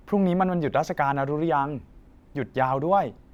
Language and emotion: Thai, neutral